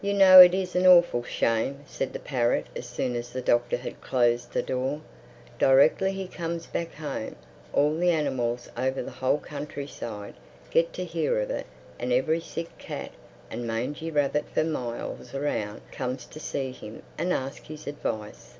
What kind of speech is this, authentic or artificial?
authentic